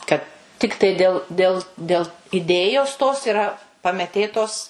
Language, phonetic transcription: Lithuanian, kad ˈtiktai ˈdėl ˈdėl ˈdėl iˈdėjos tos iˈra pameˈtėtos

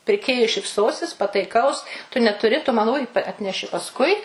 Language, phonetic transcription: Lithuanian, pirˈkėjui šipˈsosis pataiˈkaus tu netuˈri tu ˈman uj atˈneši pasˈkui

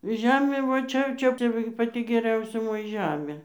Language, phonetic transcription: Lithuanian, ˈžemė va ˈčia jau ˈčia ˈčia va gi paˈti geˈriausia ˈmoja ˈžemė

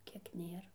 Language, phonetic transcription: Lithuanian, ˈkiek ˈnėr

